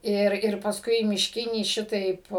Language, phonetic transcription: Lithuanian, ˈir ir pasˈkui mišˈkinį ˈšitaip

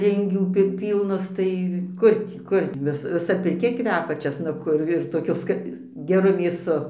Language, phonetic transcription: Lithuanian, ˈringių ˈpi ˈpylnas ˈtai ˈkur tį ˈkur gi ˈvis viˈsa pirˈkia ˈkvepia česnaˈku ir toˈkiu ˈska geˈru mėˈsu

